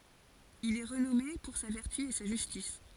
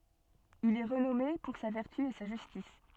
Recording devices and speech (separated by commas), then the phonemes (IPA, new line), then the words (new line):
forehead accelerometer, soft in-ear microphone, read sentence
il ɛ ʁənɔme puʁ sa vɛʁty e sa ʒystis
Il est renommé pour sa vertu et sa justice.